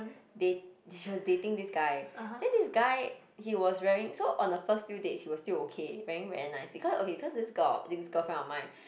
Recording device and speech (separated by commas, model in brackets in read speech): boundary microphone, conversation in the same room